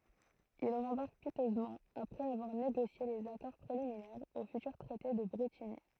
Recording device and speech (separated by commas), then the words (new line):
throat microphone, read sentence
Il rembarque piteusement, après avoir négocié les accords préliminaires au futur traité de Brétigny.